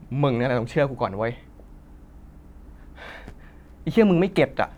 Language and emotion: Thai, frustrated